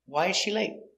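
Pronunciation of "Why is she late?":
In 'Why is she late?', the stress is on 'why', and the intonation goes down at the end.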